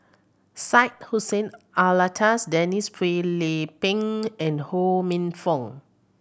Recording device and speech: boundary microphone (BM630), read sentence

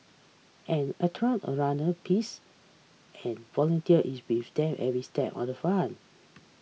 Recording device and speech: mobile phone (iPhone 6), read sentence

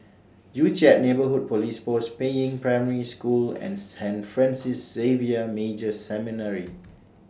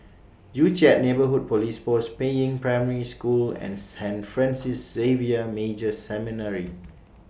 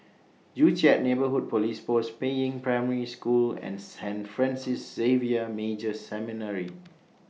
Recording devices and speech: standing microphone (AKG C214), boundary microphone (BM630), mobile phone (iPhone 6), read sentence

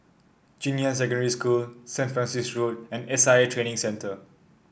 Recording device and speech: boundary microphone (BM630), read sentence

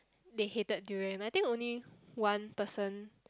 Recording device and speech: close-talking microphone, conversation in the same room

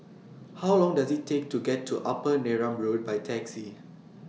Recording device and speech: mobile phone (iPhone 6), read sentence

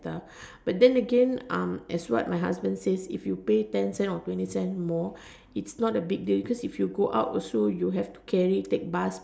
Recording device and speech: standing microphone, conversation in separate rooms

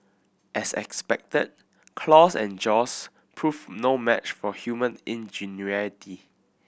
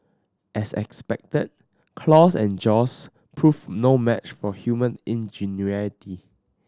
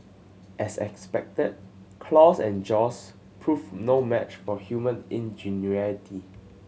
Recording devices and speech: boundary microphone (BM630), standing microphone (AKG C214), mobile phone (Samsung C7100), read sentence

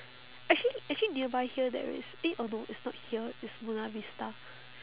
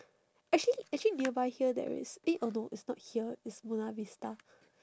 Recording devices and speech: telephone, standing microphone, conversation in separate rooms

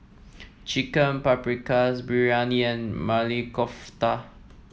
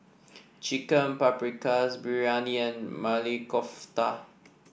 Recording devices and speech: mobile phone (iPhone 7), boundary microphone (BM630), read sentence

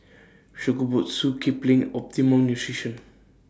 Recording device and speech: standing microphone (AKG C214), read sentence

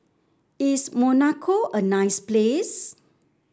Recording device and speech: standing microphone (AKG C214), read sentence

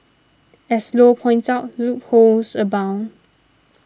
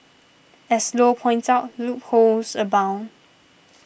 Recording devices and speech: standing microphone (AKG C214), boundary microphone (BM630), read sentence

